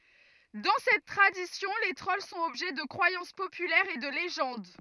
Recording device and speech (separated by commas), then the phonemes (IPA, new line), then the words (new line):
rigid in-ear microphone, read sentence
dɑ̃ sɛt tʁadisjɔ̃ le tʁɔl sɔ̃t ɔbʒɛ də kʁwajɑ̃s popylɛʁz e də leʒɑ̃d
Dans cette tradition, les trolls sont objets de croyances populaires et de légendes.